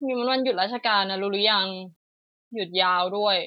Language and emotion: Thai, frustrated